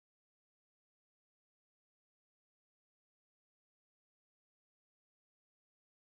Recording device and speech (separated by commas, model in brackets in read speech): close-talking microphone, conversation in the same room